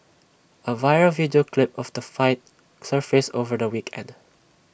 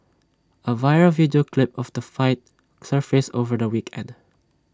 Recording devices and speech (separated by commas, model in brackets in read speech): boundary microphone (BM630), standing microphone (AKG C214), read sentence